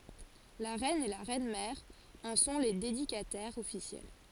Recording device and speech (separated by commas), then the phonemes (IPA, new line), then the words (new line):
forehead accelerometer, read sentence
la ʁɛn e la ʁɛnmɛʁ ɑ̃ sɔ̃ le dedikatɛʁz ɔfisjɛl
La reine et la reine-mère en sont les dédicataires officielles.